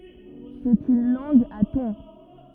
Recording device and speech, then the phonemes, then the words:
rigid in-ear microphone, read sentence
sɛt yn lɑ̃ɡ a tɔ̃
C'est une langue à tons.

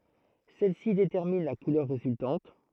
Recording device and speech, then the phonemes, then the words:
throat microphone, read sentence
sɛlɛsi detɛʁmin la kulœʁ ʁezyltɑ̃t
Celles-ci déterminent la couleur résultante.

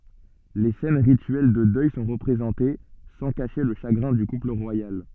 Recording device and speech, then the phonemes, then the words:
soft in-ear microphone, read sentence
le sɛn ʁityɛl də dœj sɔ̃ ʁəpʁezɑ̃te sɑ̃ kaʃe lə ʃaɡʁɛ̃ dy kupl ʁwajal
Les scènes rituelles de deuil sont représentées, sans cacher le chagrin du couple royal.

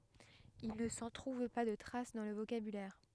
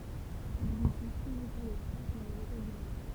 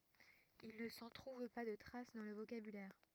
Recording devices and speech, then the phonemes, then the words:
headset microphone, temple vibration pickup, rigid in-ear microphone, read sentence
il nə sɑ̃ tʁuv pa də tʁas dɑ̃ lə vokabylɛʁ
Il ne s'en trouve pas de trace dans le vocabulaire.

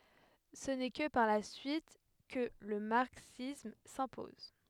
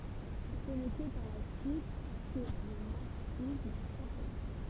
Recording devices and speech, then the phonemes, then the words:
headset microphone, temple vibration pickup, read sentence
sə nɛ kə paʁ la syit kə lə maʁksism sɛ̃pɔz
Ce n'est que par la suite que le marxisme s'impose.

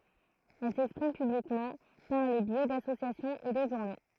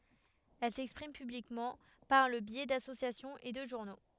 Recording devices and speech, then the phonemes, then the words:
throat microphone, headset microphone, read sentence
ɛl sɛkspʁim pyblikmɑ̃ paʁ lə bjɛ dasosjasjɔ̃z e də ʒuʁno
Elles s'expriment publiquement par le biais d’associations et de journaux.

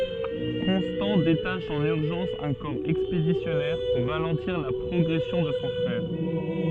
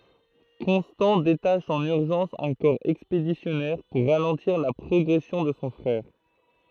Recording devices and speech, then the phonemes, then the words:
soft in-ear microphone, throat microphone, read sentence
kɔ̃stɑ̃ detaʃ ɑ̃n yʁʒɑ̃s œ̃ kɔʁ ɛkspedisjɔnɛʁ puʁ ʁalɑ̃tiʁ la pʁɔɡʁɛsjɔ̃ də sɔ̃ fʁɛʁ
Constant détache en urgence un corps expéditionnaire pour ralentir la progression de son frère.

